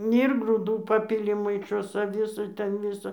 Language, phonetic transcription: Lithuanian, ir grūˈdų ˈpapili maiˈšose ˈvisa ˈten ˈvisa

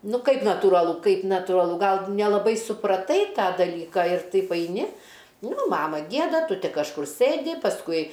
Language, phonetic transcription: Lithuanian, ˈnu ˈkaip natūraˈlu ˈkaip natūraˈlu ˈgal nelaˈbai supraˈtai ˈtą daˈlyką ir ˈtaip aiˈni ˈnu ˈmama ˈgieda ˈtu ˈti kažˈkur ˈsɘdi pasˈkui

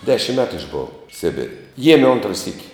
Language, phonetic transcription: Lithuanian, ˈdešim ˈmetu išˈbova ˈsibir' ˈjieme ˈontra syk'

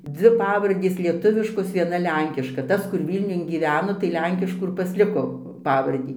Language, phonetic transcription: Lithuanian, ˈdzvi ˈpavardės lieˈtuviškos vieˈna ˈlenkiška ˈtas kur ˈvylniun gyˈveno tai ˈlenkiškų ir pasˈliko ˈpavardį

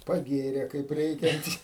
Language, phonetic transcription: Lithuanian, paˈgėrė kaip ˈreikiant'

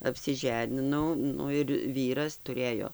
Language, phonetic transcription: Lithuanian, apsiˈženinau ˈnu ir ˈvyras tuˈrėjo

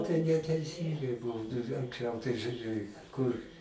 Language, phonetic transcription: Lithuanian, tai neteiˈsyngai ˈbūna anksˈčiau tai žuˈrėj kur

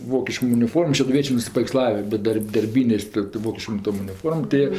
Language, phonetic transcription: Lithuanian, ˈvokiškom uniˈformom šeduˈviečė nusipaveikˈslavi bet ˈdar' darˈbynės tɜ tɜ ˈvokiškom ˈtom uniˈformom tɜ ˈjie

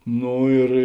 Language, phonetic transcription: Lithuanian, ˈno ir

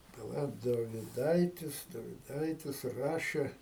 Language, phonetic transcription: Lithuanian, paˈla doviˈdaitis doviˈdaitis ˈrašė

